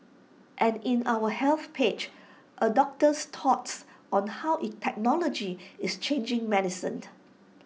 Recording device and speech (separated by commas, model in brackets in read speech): mobile phone (iPhone 6), read sentence